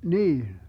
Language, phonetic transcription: Finnish, "niin̬ .
- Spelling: niin

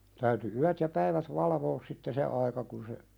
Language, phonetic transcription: Finnish, täyty 'yät ja 'päivät "valavoos sitte 'se aika kun se ,.
- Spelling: täytyi yöt ja päivät valvoa sitten se aika kun se

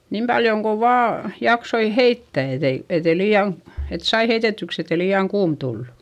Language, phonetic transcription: Finnish, niim paljoŋ ko vaa , jaksoi heittä̀ etei , etei lii₍aŋ , et sai heitetyks ‿ette lii₍aŋ kuum Dullu .
- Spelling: niin paljon kuin vain jaksoi heittää että ei että ei liian että sai heitetyksi että ei liian kuuma tullut

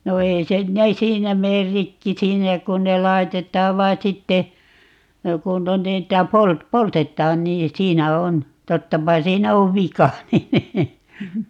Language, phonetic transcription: Finnish, 'no "ei 'sen 'ne "siinä 'meer 'rikki "siinä kun ne 'lai̮tet̀aav 'vai̮ 'sitte , 'kun (ne) 'niitä "polt- , "poltet̆taan 'nii "siinä 'on , 'tottapa 'siinä 'ov "vika nin , .
- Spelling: no ei sen ne siinä mene rikki siinä kun ne laitetaan vain sitten kun ne niitä - poltetaan niin siinä on tottapa siinä on vika niin

